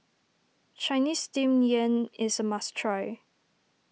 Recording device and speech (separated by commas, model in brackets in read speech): mobile phone (iPhone 6), read sentence